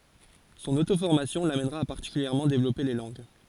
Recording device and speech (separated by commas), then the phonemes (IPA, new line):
forehead accelerometer, read sentence
sɔ̃n otofɔʁmasjɔ̃ lamɛnʁa a paʁtikyljɛʁmɑ̃ devlɔpe le lɑ̃ɡ